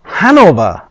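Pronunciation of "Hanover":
'Hanover' is pronounced the English way, not the German way.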